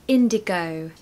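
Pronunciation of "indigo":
In 'indigo', the O at the end sounds like the letter O, a round sound, as in a British accent.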